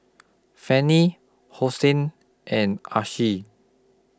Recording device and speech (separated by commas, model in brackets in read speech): close-talking microphone (WH20), read sentence